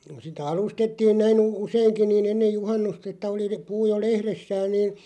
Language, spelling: Finnish, sitä alustettiin näin - useinkin niin ennen juhannusta että oli - puu jo lehdessään niin
- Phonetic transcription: sitä 'alustettiin näin u- , useiŋki nii'n ‿ennej "juhannust ‿ettᵃ̈ oli (le-) , 'puu jo "lehressään niin̬ ,.

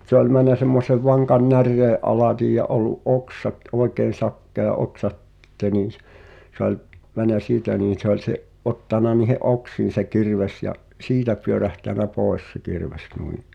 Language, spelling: Finnish, mutta se oli mennyt semmoisen vankan näreen alitse ja ollut oksat oikein sakea oksa sitten niin - se oli mennyt siitä niin se oli se ottanut niiden oksiin se kirves ja siitä pyörähtänyt pois se kirves noin
- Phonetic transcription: [mu]t se ‿ol män̆nä sem̆mosev 'vaŋkan "närree’ '’alatij ja 'ol̆lu’ "’oksat "’oekeen̬ 'sakkea "’oksa ‿ttte niin̬ s- , 'se ‿ol , mänä "siitä niin̬ 'se ‿oĺ se’ , '’ottana niihe’ "’oksiin̬ se 'kirves ja’ , "siitä pyörähtänä 'pòes se 'kirves 'nui .

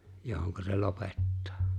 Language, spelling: Finnish, johon se lopettaa
- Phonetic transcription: johoŋka se 'lopettᴀᴀ .

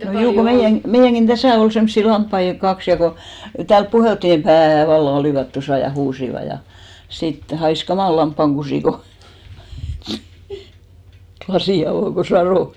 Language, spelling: Finnish, meidän meidänkin tässä oli semmoisia lampaita kaksi ja kun ja täällä puheltiin pää vallan olivat tuossa ja huusivat ja sitten haisi kamala lampaankusi kun lasin avasi kun satoi
- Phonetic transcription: 'meijän , 'meijäŋɢin "täsä̀ ol semssi 'lamppai "kaks ja ko , ja 'täälp 'puhèltti » 'pää « valla 'olìvat 'tosà ja "huusiva ja , sit 'hais 'kamàl 'lamppaŋɢusì ko , 'klasì avò ko 'sarò .

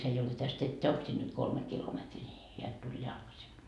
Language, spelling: Finnish, se ei ole tästä että onko sinne nyt kolme kilometriä niin hän tuli jalkaisin
- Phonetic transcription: 'se ei ole 'täst 'että 'oŋk sin nyt "kolme 'kilometrii ni , heä tuĺ 'jalkasi .

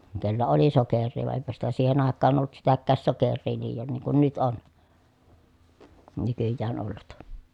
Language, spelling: Finnish, kenellä oli sokeria vaan eipä sitä siihen aikaan ollut sitäkään sokeria liioin niin kuin nyt on nykyään ollut
- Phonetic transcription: kellä oli soker̆rii vàe ʼèi̮pä sitä siihen ‿àekkaan ollut sitäkkääs soker̆rii liijon niiŋ kun nyt on , nykyjjään ollut .

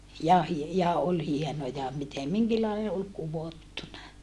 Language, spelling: Finnish, ja - ja oli hienoja miten minkinlainen oli kudottuna
- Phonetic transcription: ja hie - ja ol hienoja mitem miŋkillai ol kuvottuna .

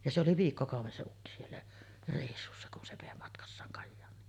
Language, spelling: Finnish, ja se oli viikkokauden se ukki siellä reissussa kun se vei matkassaan Kajaaniin
- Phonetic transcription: ja 'se oli "viikkokàuv̆ven se ukki siellä , rèissussa kun se vèi matkassaaŋ 'Kajjaaǹiin .

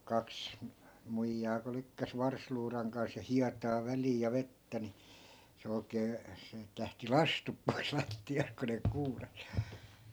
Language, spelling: Finnish, kaksi muijaa kun lykkäsi varsiluudan kanssa ja hietaa väliin ja vettä niin se oikein siitä lähti lastut pois lattiasta kun ne kuurasi
- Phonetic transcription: 'kaks , "muijjaa ku 'lykkäs 'varsluuraŋ kans ja "hiataa 'väliij ja "vettä ni , se 'oi̮kee , siit 'lähti "lastup pois 'latti₍asᵗ ku ne 'kuuras .

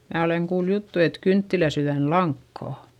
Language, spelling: Finnish, minä olen kuullut juttua että kynttilänsydänlankaa
- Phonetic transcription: mää oleŋ kuul juttu et » "kynttiläˈsyδän"laŋkkà » .

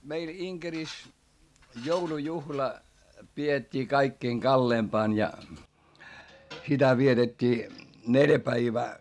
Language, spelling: Finnish, meillä Inkerissä joulujuhla pidettiin kaikkein kalleimpana ja sitä vietettiin neljä päivää
- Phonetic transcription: meil Iŋkeris , joulujuhla , pi₍et́t́ii kaikkiiŋ kalleempaan ja , sitä vietet́t́ii , neljä päivää .

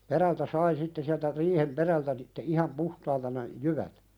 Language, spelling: Finnish, perältä sai sitten sieltä riihen perältä sitten ihan puhtaita ne jyvät
- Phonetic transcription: 'perältä 'sai sitte siältä 'riihem "perältä sitte 'iham "puhtaita (ne) , 'jyvät .

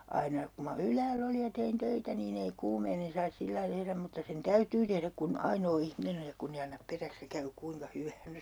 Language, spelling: Finnish, aina kun minä ylhäällä olin ja tein töitä niin ei kuumeinen saisi sillä lailla tehdä mutta sen täytyy tehdä kun ainoa ihminen on ja kun ei anna peräksi ja käy kuinka hyvänsä
- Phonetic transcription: 'aina , ku ma "ylääll ‿oli ja 'tein 'töitä niin ‿ei 'kuumeinen̬ sais 'sillai 'tehräm mutta sen "täytyy tehräk kun , 'ainoo 'ihminen ‿oj ja 'kunn ‿ei annap 'peräks ja käy "kuiŋka 'hyväänsÄ .

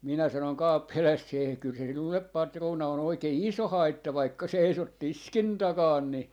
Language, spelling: Finnish, minä sanoin kauppiaalle se kyllä se sinulle patruuna on oikein iso haitta vaikka seisot tiskin takana niin
- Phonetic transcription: minä sanoŋ "kà₍uppi₍aalles » 'see kyl se 'sinullep "patruuna on 'oikei "iso "haitta vaikka 'seisot "tiskin 'takaan ni .

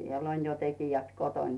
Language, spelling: Finnish, siellä on jo tekijät kotona
- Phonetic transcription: siel ‿'on jo tekijät 'koton .

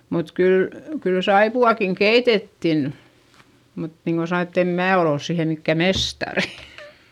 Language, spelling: Finnish, mutta kyllä kyllä saippuaakin keitettiin mutta niin kuin sanoin että en minä ole ole siihen mikään mestari
- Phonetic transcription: mut kyl , kyl saipu₍àkiŋ keitettin , mut niŋko sano(n) ett ‿em mää ol ‿ols siihe mikkä mestarI .

